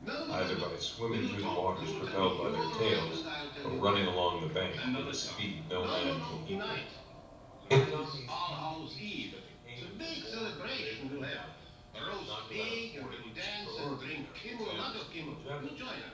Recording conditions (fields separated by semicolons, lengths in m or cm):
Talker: one person; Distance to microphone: 5.8 m; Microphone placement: far; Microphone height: 1.8 m; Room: medium-sized (5.7 m by 4.0 m); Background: television